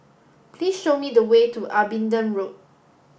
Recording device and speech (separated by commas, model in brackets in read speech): boundary microphone (BM630), read sentence